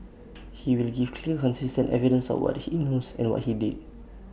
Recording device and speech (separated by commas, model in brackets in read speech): boundary microphone (BM630), read sentence